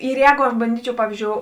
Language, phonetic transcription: Lithuanian, ir ˈjēgu aš banˈdyčiau ˈpavyzdžiou

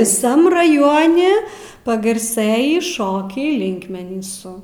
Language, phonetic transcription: Lithuanian, viˈsam raˈjoni pagarˈsɘjį ˈšokiai ˈlinkmenysu

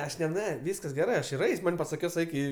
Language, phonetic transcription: Lithuanian, aš ne ˈne ˈvyskas geˈrɜ ˈaš ir ˈeis' ˈman' pasaˈkis ˈeik i

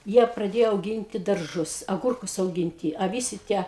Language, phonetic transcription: Lithuanian, ˈjie praˈdėjo auˈginti darˈžus aˈgurkus auˈginti a ˈvisi ˈtie

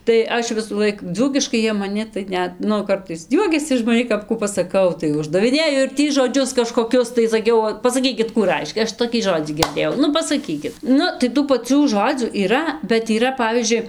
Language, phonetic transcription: Lithuanian, tai ˈaš visųˈlaik ˈdzūkiškai ˈjie maˈni tai ˈnet ˈnu ˈkartais ˈjuokiasi iš maˈnį kap ˈkų pasaˈkau ˈtai uždaviˈnėju ir ˈtį žoˈdžius kažkoˈkius tai saˈkiau pasaˈkykit ˈkų ˈraiškia ˈaš toˈkį ˈžodzį girˈdėjau ˈnu pasaˈkykit ˈnu tai ˈtų paˈcių ˈžodzių yˈra bet yˈra ˈpavyzdžiui

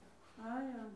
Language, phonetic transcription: Lithuanian, ˈajom

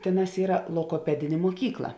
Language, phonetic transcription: Lithuanian, ˈtėˌnās ˈyra logoˈpedinė muoˈkykla

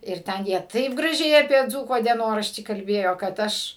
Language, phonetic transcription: Lithuanian, ir ˈten jie ˈtaip graˈžiai apie ˈdzūko dieˈnoraštį kalˈbėjo kad ˈaš

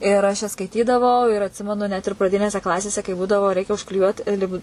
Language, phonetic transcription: Lithuanian, ir ˈaš jas skaiˈtydavau ir atˈsimenu net ir praˈdinėse ˈklasėse kai ˈbūdavo ˈreikia užkliˈjuot ˈlipd

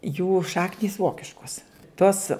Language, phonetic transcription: Lithuanian, jų ˈšaknys ˈvokiškos ˈtos

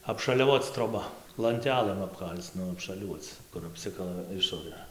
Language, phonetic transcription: Lithuanian, apšaliaˈvoc troˈba lanˈtelɘm apˈkal'c ˈnu apšaˈliuoc kur apˈsikala ˈišorɘ

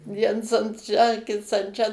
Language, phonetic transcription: Lithuanian, ˈviens an ˈšę ˈkits an ˈčia

